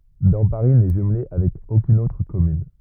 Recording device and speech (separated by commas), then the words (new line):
rigid in-ear microphone, read sentence
Damparis n'est jumelée avec aucune autre commune.